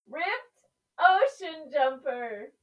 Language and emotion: English, happy